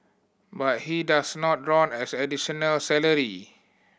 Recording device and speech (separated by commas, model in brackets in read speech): boundary microphone (BM630), read sentence